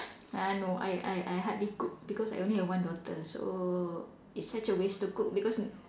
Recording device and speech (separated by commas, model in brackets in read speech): standing microphone, conversation in separate rooms